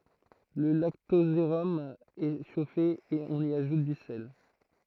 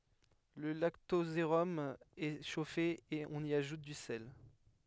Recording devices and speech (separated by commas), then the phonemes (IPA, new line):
throat microphone, headset microphone, read sentence
lə laktozeʁɔm ɛ ʃofe e ɔ̃n i aʒut dy sɛl